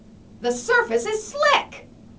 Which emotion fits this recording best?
fearful